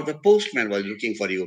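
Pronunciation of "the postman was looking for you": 'The postman was looking for you' is said with a low fall, in a matter-of-fact, not very serious tone, like bland information.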